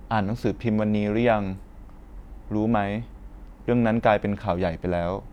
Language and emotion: Thai, neutral